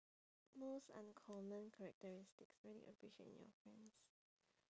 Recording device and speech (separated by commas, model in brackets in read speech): standing microphone, conversation in separate rooms